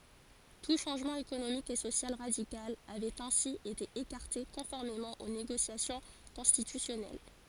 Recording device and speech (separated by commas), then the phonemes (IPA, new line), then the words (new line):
forehead accelerometer, read sentence
tu ʃɑ̃ʒmɑ̃ ekonomik e sosjal ʁadikal avɛt ɛ̃si ete ekaʁte kɔ̃fɔʁmemɑ̃ o neɡosjasjɔ̃ kɔ̃stitysjɔnɛl
Tout changement économique et social radical avait ainsi été écarté conformément aux négociations constitutionnelles.